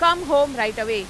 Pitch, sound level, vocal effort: 235 Hz, 103 dB SPL, very loud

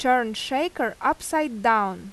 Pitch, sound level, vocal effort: 250 Hz, 87 dB SPL, loud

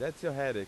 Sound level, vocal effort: 94 dB SPL, loud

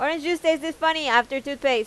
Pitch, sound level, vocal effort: 290 Hz, 93 dB SPL, loud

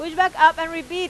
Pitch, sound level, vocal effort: 330 Hz, 99 dB SPL, very loud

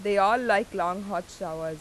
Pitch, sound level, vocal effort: 190 Hz, 90 dB SPL, loud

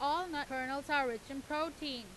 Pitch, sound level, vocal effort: 280 Hz, 96 dB SPL, very loud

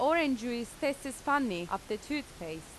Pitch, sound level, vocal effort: 255 Hz, 89 dB SPL, loud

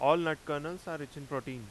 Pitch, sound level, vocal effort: 145 Hz, 93 dB SPL, very loud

